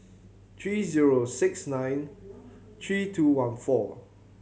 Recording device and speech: mobile phone (Samsung C7100), read sentence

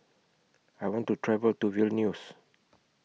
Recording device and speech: mobile phone (iPhone 6), read sentence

